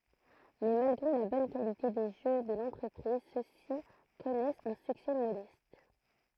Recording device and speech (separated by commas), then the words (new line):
throat microphone, read sentence
Mais, malgré la bonne qualité des jeux de l'entreprise, ceux-ci connaissent un succès modeste.